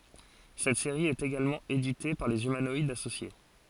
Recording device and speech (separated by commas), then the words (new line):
forehead accelerometer, read sentence
Cette série est également éditée par les Humanoïdes Associés.